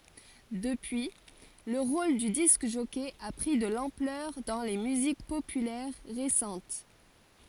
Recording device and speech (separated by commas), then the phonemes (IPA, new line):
forehead accelerometer, read sentence
dəpyi lə ʁol dy disk ʒɔkɛ a pʁi də lɑ̃plœʁ dɑ̃ le myzik popylɛʁ ʁesɑ̃t